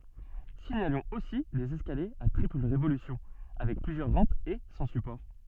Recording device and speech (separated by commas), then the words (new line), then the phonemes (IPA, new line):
soft in-ear microphone, read sentence
Signalons aussi des escaliers à triple révolution avec plusieurs rampes et sans support.
siɲalɔ̃z osi dez ɛskaljez a tʁipl ʁevolysjɔ̃ avɛk plyzjœʁ ʁɑ̃pz e sɑ̃ sypɔʁ